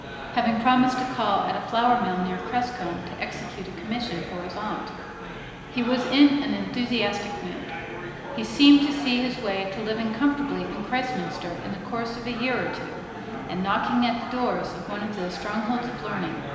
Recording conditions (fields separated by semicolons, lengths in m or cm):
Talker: one person; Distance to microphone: 1.7 m; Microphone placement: close; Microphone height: 1.0 m; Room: very reverberant, large; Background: babble